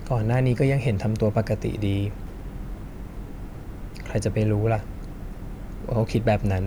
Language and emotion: Thai, sad